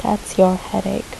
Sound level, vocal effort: 72 dB SPL, soft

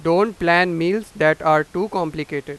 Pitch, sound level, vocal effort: 170 Hz, 98 dB SPL, very loud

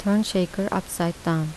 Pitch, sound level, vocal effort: 185 Hz, 77 dB SPL, soft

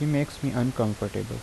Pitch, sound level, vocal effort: 125 Hz, 79 dB SPL, normal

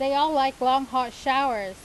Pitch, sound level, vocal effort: 265 Hz, 93 dB SPL, loud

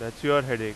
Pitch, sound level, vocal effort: 120 Hz, 94 dB SPL, loud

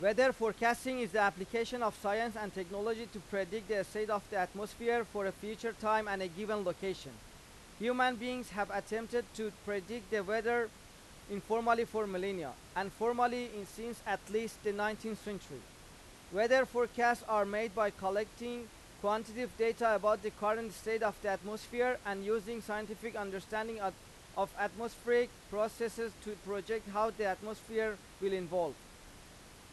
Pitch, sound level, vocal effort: 215 Hz, 95 dB SPL, very loud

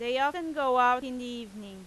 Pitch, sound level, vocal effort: 250 Hz, 96 dB SPL, very loud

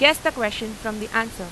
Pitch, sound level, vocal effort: 225 Hz, 94 dB SPL, loud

